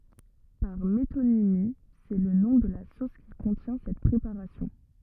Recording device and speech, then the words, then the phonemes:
rigid in-ear microphone, read sentence
Par métonymie, c'est le nom de la sauce qui contient cette préparation.
paʁ metonimi sɛ lə nɔ̃ də la sos ki kɔ̃tjɛ̃ sɛt pʁepaʁasjɔ̃

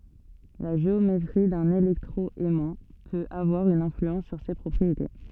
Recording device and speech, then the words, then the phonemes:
soft in-ear microphone, read sentence
La géométrie d’un électro-aimant peut avoir une influence sur ses propriétés.
la ʒeometʁi dœ̃n elɛktʁo ɛmɑ̃ pøt avwaʁ yn ɛ̃flyɑ̃s syʁ se pʁɔpʁiete

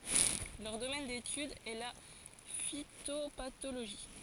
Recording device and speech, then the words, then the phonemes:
forehead accelerometer, read sentence
Leur domaine d'étude est la phytopathologie.
lœʁ domɛn detyd ɛ la fitopatoloʒi

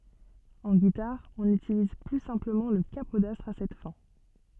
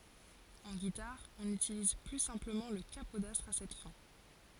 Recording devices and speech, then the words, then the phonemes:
soft in-ear microphone, forehead accelerometer, read sentence
En guitare, on utilise plus simplement le capodastre à cette fin.
ɑ̃ ɡitaʁ ɔ̃n ytiliz ply sɛ̃pləmɑ̃ lə kapodastʁ a sɛt fɛ̃

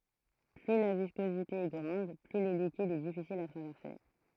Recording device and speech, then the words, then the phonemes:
throat microphone, read sentence
Plus la viscosité est grande, plus le liquide est difficile à traverser.
ply la viskozite ɛ ɡʁɑ̃d ply lə likid ɛ difisil a tʁavɛʁse

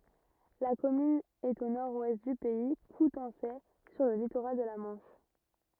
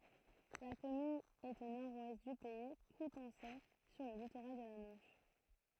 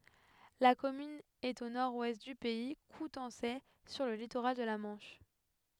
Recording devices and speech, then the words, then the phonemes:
rigid in-ear microphone, throat microphone, headset microphone, read sentence
La commune est au nord-ouest du Pays coutançais, sur le littoral de la Manche.
la kɔmyn ɛt o nɔʁ wɛst dy pɛi kutɑ̃sɛ syʁ lə litoʁal də la mɑ̃ʃ

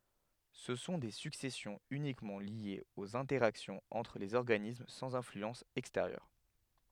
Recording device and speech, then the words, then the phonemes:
headset microphone, read sentence
Ce sont des successions uniquement liées aux interactions entre les organismes sans influence extérieure.
sə sɔ̃ de syksɛsjɔ̃z ynikmɑ̃ ljez oz ɛ̃tɛʁaksjɔ̃z ɑ̃tʁ lez ɔʁɡanism sɑ̃z ɛ̃flyɑ̃s ɛksteʁjœʁ

